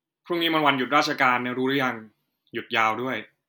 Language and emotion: Thai, neutral